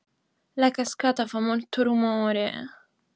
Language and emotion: Italian, sad